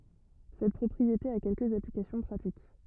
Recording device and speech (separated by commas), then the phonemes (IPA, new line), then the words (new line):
rigid in-ear microphone, read sentence
sɛt pʁɔpʁiete a kɛlkəz aplikasjɔ̃ pʁatik
Cette propriété a quelques applications pratiques.